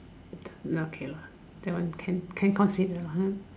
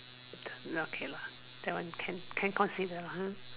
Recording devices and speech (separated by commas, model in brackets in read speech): standing microphone, telephone, conversation in separate rooms